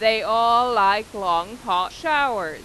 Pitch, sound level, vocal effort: 220 Hz, 99 dB SPL, loud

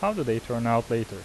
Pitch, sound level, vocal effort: 115 Hz, 85 dB SPL, normal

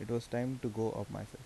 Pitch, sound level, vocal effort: 120 Hz, 79 dB SPL, soft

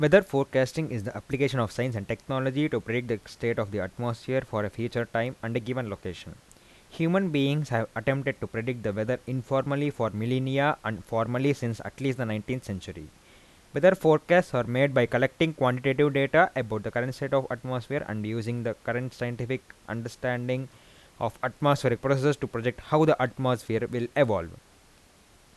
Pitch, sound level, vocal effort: 125 Hz, 86 dB SPL, normal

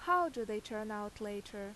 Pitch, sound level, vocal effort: 215 Hz, 86 dB SPL, loud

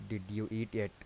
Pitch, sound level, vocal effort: 110 Hz, 81 dB SPL, soft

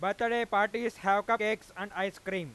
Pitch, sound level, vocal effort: 205 Hz, 102 dB SPL, very loud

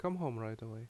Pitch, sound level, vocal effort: 115 Hz, 77 dB SPL, normal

